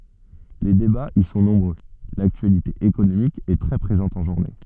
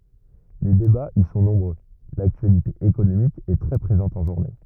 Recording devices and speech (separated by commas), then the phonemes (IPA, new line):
soft in-ear microphone, rigid in-ear microphone, read sentence
le debaz i sɔ̃ nɔ̃bʁø laktyalite ekonomik ɛ tʁɛ pʁezɑ̃t ɑ̃ ʒuʁne